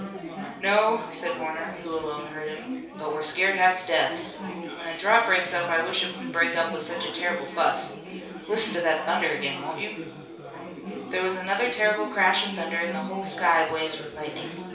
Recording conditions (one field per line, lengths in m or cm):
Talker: one person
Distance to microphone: 3.0 m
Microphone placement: far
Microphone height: 1.8 m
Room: small (3.7 m by 2.7 m)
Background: babble